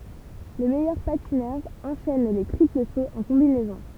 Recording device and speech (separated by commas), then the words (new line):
temple vibration pickup, read sentence
Les meilleurs patineurs enchaînent les triples sauts en combinaison.